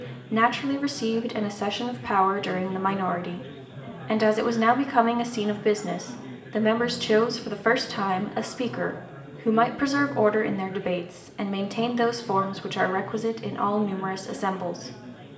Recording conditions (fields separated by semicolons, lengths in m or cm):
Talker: one person; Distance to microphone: 1.8 m; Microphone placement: close; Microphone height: 1.0 m; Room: large; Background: babble